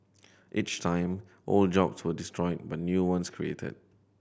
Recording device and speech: boundary microphone (BM630), read sentence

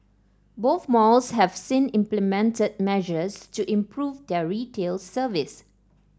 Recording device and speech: standing microphone (AKG C214), read sentence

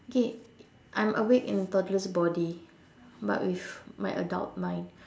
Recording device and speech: standing microphone, conversation in separate rooms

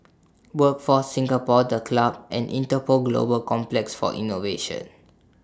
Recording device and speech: standing microphone (AKG C214), read sentence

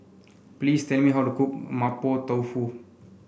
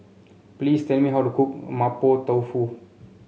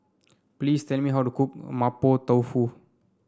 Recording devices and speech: boundary microphone (BM630), mobile phone (Samsung C7), standing microphone (AKG C214), read sentence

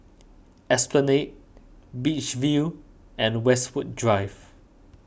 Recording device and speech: boundary microphone (BM630), read sentence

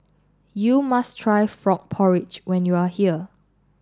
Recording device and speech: standing microphone (AKG C214), read sentence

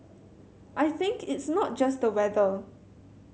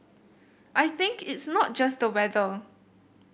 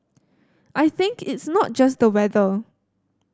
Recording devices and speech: mobile phone (Samsung C7100), boundary microphone (BM630), standing microphone (AKG C214), read sentence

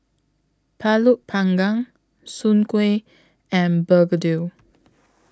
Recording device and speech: close-talking microphone (WH20), read sentence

